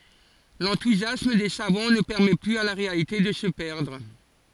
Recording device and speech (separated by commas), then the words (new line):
forehead accelerometer, read sentence
L'enthousiasme des savants ne permet plus à la réalité de se perdre.